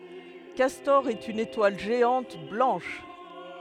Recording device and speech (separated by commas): headset microphone, read sentence